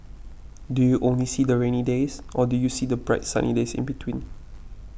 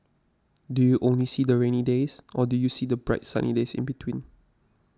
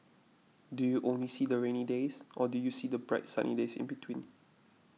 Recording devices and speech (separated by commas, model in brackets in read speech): boundary microphone (BM630), standing microphone (AKG C214), mobile phone (iPhone 6), read sentence